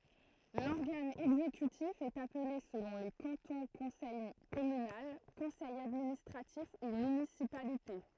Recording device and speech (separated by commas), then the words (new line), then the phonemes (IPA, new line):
throat microphone, read sentence
L'organe exécutif est appelé selon les cantons conseil communal, Conseil administratif ou municipalité.
lɔʁɡan ɛɡzekytif ɛt aple səlɔ̃ le kɑ̃tɔ̃ kɔ̃sɛj kɔmynal kɔ̃sɛj administʁatif u mynisipalite